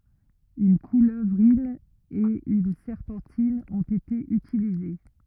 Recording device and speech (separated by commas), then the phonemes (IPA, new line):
rigid in-ear microphone, read sentence
yn kuløvʁin e yn sɛʁpɑ̃tin ɔ̃t ete ytilize